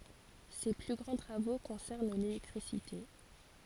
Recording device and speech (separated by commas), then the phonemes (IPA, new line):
forehead accelerometer, read sentence
se ply ɡʁɑ̃ tʁavo kɔ̃sɛʁn lelɛktʁisite